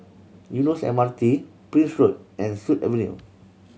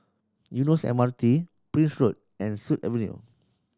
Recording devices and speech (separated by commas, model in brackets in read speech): mobile phone (Samsung C7100), standing microphone (AKG C214), read sentence